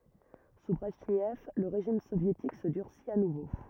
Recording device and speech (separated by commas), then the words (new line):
rigid in-ear microphone, read sentence
Sous Brejnev, le régime soviétique se durcit à nouveau.